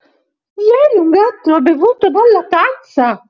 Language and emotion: Italian, surprised